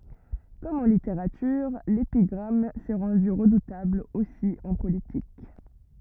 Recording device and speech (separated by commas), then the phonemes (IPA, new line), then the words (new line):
rigid in-ear microphone, read sentence
kɔm ɑ̃ liteʁatyʁ lepiɡʁam sɛ ʁɑ̃dy ʁədutabl osi ɑ̃ politik
Comme en littérature, l’épigramme s’est rendue redoutable aussi en politique.